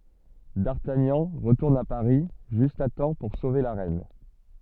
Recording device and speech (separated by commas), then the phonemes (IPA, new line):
soft in-ear microphone, read sentence
daʁtaɲɑ̃ ʁətuʁn a paʁi ʒyst a tɑ̃ puʁ sove la ʁɛn